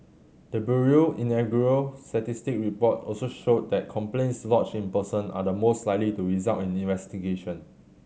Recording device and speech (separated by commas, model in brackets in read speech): mobile phone (Samsung C7100), read sentence